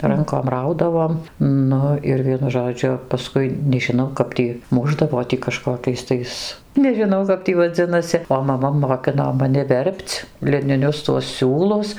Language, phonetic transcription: Lithuanian, ˈrankom ˈraudavom ˈnu ir ˈvienu žoˈdžiu paˈskui nežiˈnau ˈkap tį ˈmušdavo tį kaˈžkokiais tais nežiˈnau kap ˈtį vaˈdzinasi o maˈma moˈkino maˈni ˈver'p'c liniˈnius tuos ˈsiūlus

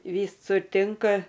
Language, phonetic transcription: Lithuanian, ˈvysur ˈtinka

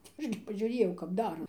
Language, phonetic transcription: Lithuanian, tai ˈaš gi pažiuˈrėjau kap ˈdara

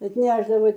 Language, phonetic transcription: Lithuanian, atˈnešdavai

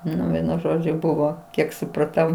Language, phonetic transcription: Lithuanian, ˈnu ˈvienu ˈžodžiu ˈbuvo ˈkiek supraˈtau

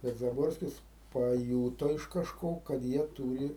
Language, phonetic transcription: Lithuanian, tas zaˈborskis paˈjūto iš kaˈžko kad ˈjie ˈtūri

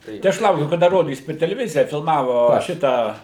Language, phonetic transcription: Lithuanian, tai ˈaš ˈlaukiu kaˈda ˈrodys per teleˈvizija filmavo ˈšitą

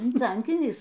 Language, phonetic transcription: Lithuanian, švenˈciankynis

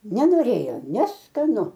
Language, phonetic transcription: Lithuanian, nenoˈrėjo neskaˈnu

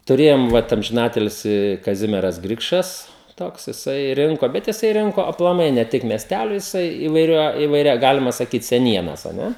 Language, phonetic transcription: Lithuanian, tuˈrėjom ˈvat amžiˈnatilsi kaˈzimieras ˈgrikšas ˈtoks jiˈsai ˈrinko ˈbet jiˈsai ˈrinko aplaˈmai ne ˈtik miesˈtælio jiˈsai ivaiˈria ivaiˈria ˈgalima saˈkyt seˈnienas a ˈne

